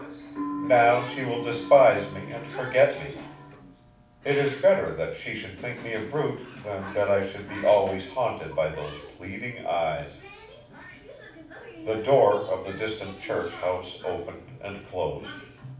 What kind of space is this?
A medium-sized room (about 5.7 m by 4.0 m).